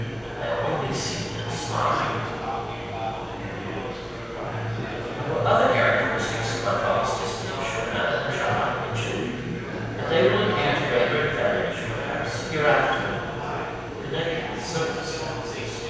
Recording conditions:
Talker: one person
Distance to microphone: 7.1 m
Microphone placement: far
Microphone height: 1.7 m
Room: very reverberant, large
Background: babble

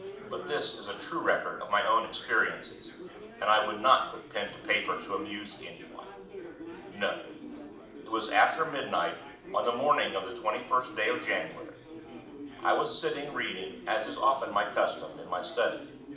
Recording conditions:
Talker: one person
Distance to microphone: 2.0 m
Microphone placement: close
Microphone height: 99 cm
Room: medium-sized (5.7 m by 4.0 m)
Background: babble

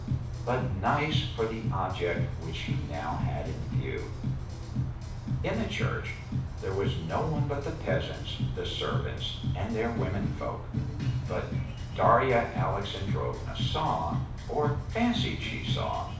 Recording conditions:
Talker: one person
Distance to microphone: 5.8 m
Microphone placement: far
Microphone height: 1.8 m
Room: medium-sized (5.7 m by 4.0 m)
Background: music

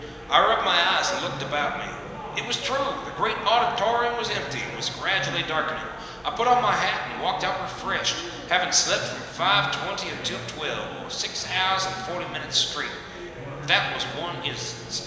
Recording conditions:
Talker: one person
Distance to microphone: 1.7 m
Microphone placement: close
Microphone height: 1.0 m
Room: very reverberant, large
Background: babble

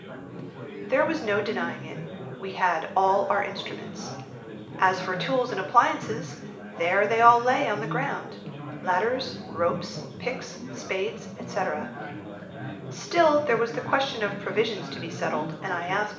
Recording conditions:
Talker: one person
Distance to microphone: 1.8 m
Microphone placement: close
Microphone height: 1.0 m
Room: large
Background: babble

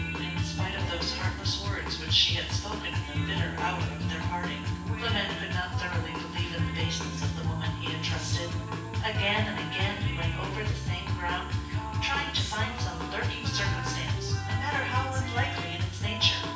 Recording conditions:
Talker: one person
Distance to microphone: 9.8 m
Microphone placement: far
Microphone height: 1.8 m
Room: large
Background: music

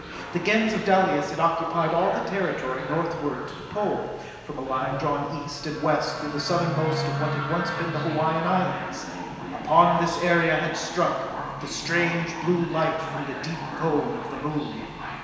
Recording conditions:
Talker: one person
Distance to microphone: 1.7 m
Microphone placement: close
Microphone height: 1.0 m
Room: very reverberant, large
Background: television

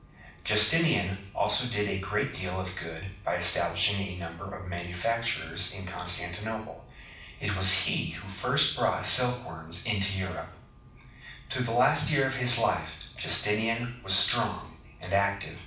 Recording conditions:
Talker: one person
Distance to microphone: 5.8 m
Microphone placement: far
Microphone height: 1.8 m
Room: medium-sized (5.7 m by 4.0 m)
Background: none

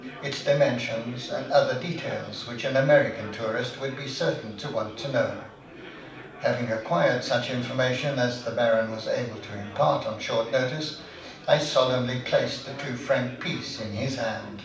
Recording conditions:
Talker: one person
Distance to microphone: 5.8 m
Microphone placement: far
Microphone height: 1.8 m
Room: medium-sized (5.7 m by 4.0 m)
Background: babble

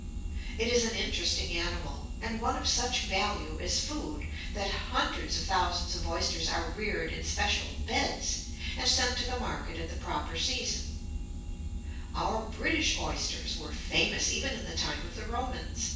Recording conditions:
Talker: one person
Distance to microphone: 9.8 m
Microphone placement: far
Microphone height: 1.8 m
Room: large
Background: none

